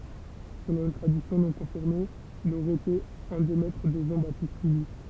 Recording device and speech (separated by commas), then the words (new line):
temple vibration pickup, read sentence
Selon une tradition non confirmée, il aurait été un des maîtres de Jean-Baptiste Lully.